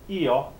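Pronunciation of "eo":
'Eo' is said as two vowel sounds together in one syllable, with the stress on the first vowel. It is not said as 'yo'.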